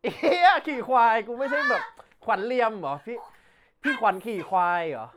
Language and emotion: Thai, happy